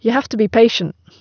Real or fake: real